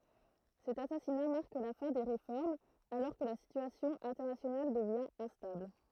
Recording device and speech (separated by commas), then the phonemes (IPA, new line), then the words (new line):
throat microphone, read sentence
sɛt asasina maʁk la fɛ̃ de ʁefɔʁmz alɔʁ kə la sityasjɔ̃ ɛ̃tɛʁnasjonal dəvjɛ̃ ɛ̃stabl
Cet assassinat marque la fin des réformes, alors que la situation internationale devient instable.